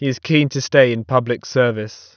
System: none